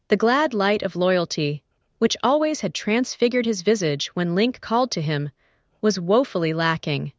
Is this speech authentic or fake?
fake